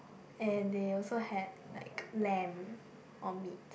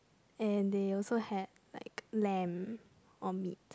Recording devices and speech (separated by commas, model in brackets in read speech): boundary microphone, close-talking microphone, conversation in the same room